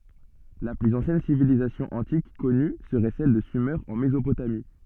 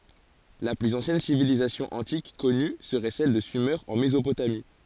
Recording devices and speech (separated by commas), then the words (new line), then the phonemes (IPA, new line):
soft in-ear microphone, forehead accelerometer, read sentence
La plus ancienne civilisation antique connue serait celle de Sumer en Mésopotamie.
la plyz ɑ̃sjɛn sivilizasjɔ̃ ɑ̃tik kɔny səʁɛ sɛl də syme ɑ̃ mezopotami